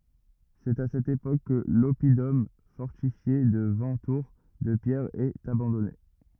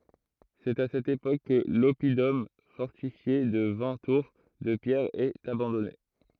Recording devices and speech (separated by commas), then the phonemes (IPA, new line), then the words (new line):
rigid in-ear microphone, throat microphone, read sentence
sɛt a sɛt epok kə lɔpidɔm fɔʁtifje də vɛ̃ tuʁ də pjɛʁ ɛt abɑ̃dɔne
C'est à cette époque que l'oppidum fortifié de vingt tours de pierre est abandonné.